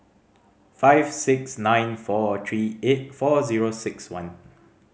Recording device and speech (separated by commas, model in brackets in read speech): mobile phone (Samsung C5010), read sentence